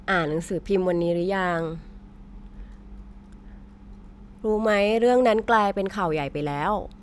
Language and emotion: Thai, neutral